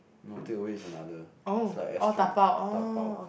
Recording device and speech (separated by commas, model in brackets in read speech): boundary microphone, conversation in the same room